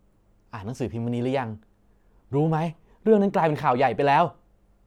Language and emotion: Thai, neutral